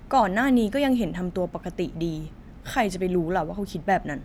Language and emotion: Thai, frustrated